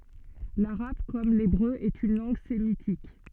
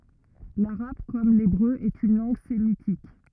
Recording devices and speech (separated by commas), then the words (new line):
soft in-ear microphone, rigid in-ear microphone, read sentence
L'arabe, comme l'hébreu, est une langue sémitique.